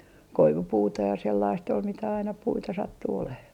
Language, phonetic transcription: Finnish, 'koivupuuta ja sellaist ol mitä aina 'puita 'sattu oleh .
- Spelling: koivupuuta ja sellaista oli mitä aina puita sattui olemaan

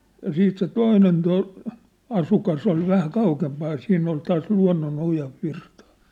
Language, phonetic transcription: Finnish, ja 'siit se "toinen to- , 'asukas ‿ol vähä 'kaukempaaj ja 'siinn ‿ol taas 'lua̭nno'noja , virtᴀᴀ .
- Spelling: ja sitten se toinen - asukas oli vähän kauempaa ja siinä oli taas luonnonoja virtaa

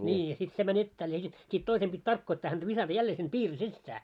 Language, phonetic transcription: Finnish, 'ńii ja sit 'se mä'n ‿ettääl ja sit , sit 'toisem ʙit "tarkkoittaa häntä 'visata 'jällee sin 'piiri "sissää .
- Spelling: niin ja sitten se meni etäälle ja sitten sitten toisen piti tarkoittaa häntä viskata jälleen sinne piirin sisään

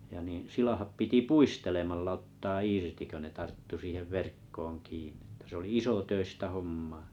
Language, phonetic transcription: Finnish, ja niḭ 'silahap piti "puistelemallᵃ ‿ottaa 'irti kö ne 'tarttu siihev 'verkkooŋ 'kiinɴɪ tɐ̤ s ‿oli "isotöistä 'hommaa .
- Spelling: ja niin silakat piti puistelemalla ottaa irti kun ne tarttui siihen verkkoon kiinni että se oli isotöistä hommaa

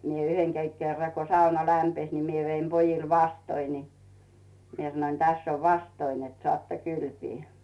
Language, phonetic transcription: Finnish, ni mie 'yheŋ kei- kerra ko sauna 'lämpes ni 'mie veim 'pojil "vastoi ni , mie sᵃnoⁱn » 'täss ‿ov "vastoi net 'soàtta "kylpii « .
- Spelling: niin minä yhden - kerran kun sauna lämpisi niin minä vein pojille vastoja niin minä sanoin tässä on vastoja että saatte kylpeä

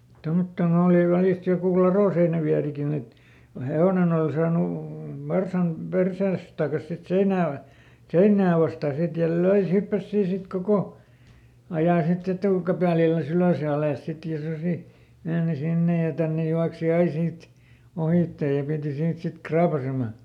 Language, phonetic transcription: Finnish, ˈtommottoˈn ‿ooli ˈvälist jokù "laròseinäˈviärikin ‿et , ko "he₍ònen ‿ol saanu , ˈvarsam ˈpersees tàkas sit "seinää va- , "seinnää vastà ˈsit ja "löi se ˈhyppäs ˈsii ˈsit "koko , ˈajà siˈt ‿etùkäpä̀lillä"s ‿ylö̀s ja ˈalès ˈsit ja ˈsusi , ˈmeeni ˈsinne ja ˈtänne ˈjuaksi "ai siit , ˈohìtte ja ˈpìti ˈsiit ˈsit "kraapasema .
- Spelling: tuommottoon oli välistä joku ladonseinävierikin että kun hevonen oli saanut varsan perseensä takaisin sitten seinää - seinää vastaan sitten ja löi se hyppäsi siinä sitten koko ajan sitten etukäpälillänsä ylös ja alas sitten ja susi meni sinne ja tänne juoksi aina siitä ohitse ja piti siitä sitten raapaiseman

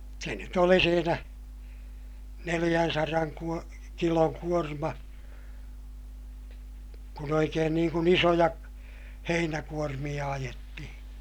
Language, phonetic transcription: Finnish, se nyt ‿oli siinä , neliʲänsaraŋ kuo- , kiloŋ kuorma , kun ‿oikeen niiŋ kun ‿isojak- , heinäkuormiʲa ajetti(hi) .
- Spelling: se nyt oli siinä neljänsadan - kilon kuorma kun oikein niin kuin isoja heinäkuormia ajettiin

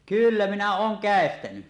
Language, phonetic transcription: Finnish, 'kyllä minä ooŋ "kä̀estäny .
- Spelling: kyllä minä olen käestänyt

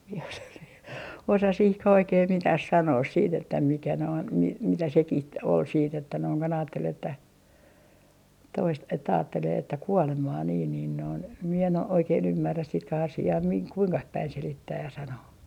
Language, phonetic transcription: Finnish, mie osa sii - 'osa 'sihkäh oikee "mitäh 'sanoos siit ‿että mikä noin , mi - mitä sekih ol siit ‿että noiŋ kon ‿aattel että , 'toist- , että aattelee että "kuolemaa niin niin noin , mie en o - 'oikeen 'ymmärrä sitkäh'asi₍aa miŋ- , "kuiŋkah päin 'selittääj ja sanoo .
- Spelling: minä osaa - osaa siihenkään oikein mitään sanoa sitten että mikä noin - mitä sekin oli sitten että noin kun ajatteli että - että ajattelee että kuolemaa niin niin noin minä en - oikein ymmärrä sitäkään asiaa - kuinkaan päin selittää ja sanoa

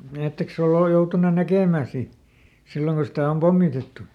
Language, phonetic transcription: Finnish, ˈetteks ‿oo ol- ˈjoutunen ˈnäkèmä̀ si , ˈsilloŋ ku sitä om "pommitettu ?
- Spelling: ettekös ole - joutunut näkemään sitten silloin kun sitä on pommitettu

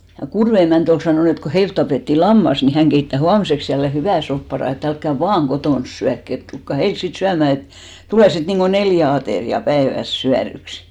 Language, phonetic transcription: Finnish, ja 'Kurve emä̀nt ‿ol 'sanòn ‿et ko 'heilt tapètti "lammas ni 'häŋ ɢeittä "huamⁱseks jälle 'hyvä̀ 'sopparà e't ‿älkkä "vaaŋ 'ɢotòns 'syäkk ‿et , 'tulkka "heils sit 'syämä̀ et , 'tulè sit niŋɢo "neljä atèri₍a 'päeväs 'syäryksɪ .
- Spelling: ja Kudven emäntä oli sanonut että kun heiltä tapettiin lammas niin hän keittää huomiseksi jälleen hyvän soppapadan että älkää vain kotona syökö että tulkaa heille sitten syömään että tulee sitten niin kuin neljä ateriaa päivässä syödyksi

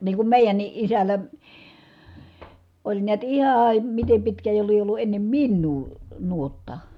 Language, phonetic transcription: Finnish, nii kum mèijänni ʼisäl̀ä , oĺ niät ihaaa , mitem pitkää jo lie ollu ennem minnuu , nuotta .
- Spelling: niin kun meidänkin isällä oli näet ihan miten pitkään jo lie ollut ennen minua nuotta

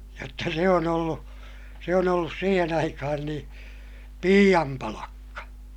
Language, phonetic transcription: Finnish, jotta se on ‿ollu , se on ‿ollus siihen aikahan niḭ , piiʲam palakka .
- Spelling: jotta se on ollut se on ollut siihen aikaan niin piian palkka

